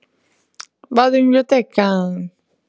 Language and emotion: Italian, happy